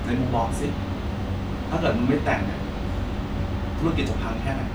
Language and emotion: Thai, frustrated